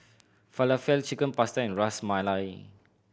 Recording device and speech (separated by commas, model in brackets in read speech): boundary microphone (BM630), read sentence